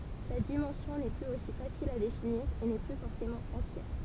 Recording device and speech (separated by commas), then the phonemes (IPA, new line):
temple vibration pickup, read sentence
sa dimɑ̃sjɔ̃ nɛ plyz osi fasil a definiʁ e nɛ ply fɔʁsemɑ̃ ɑ̃tjɛʁ